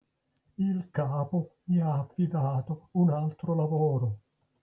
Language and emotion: Italian, fearful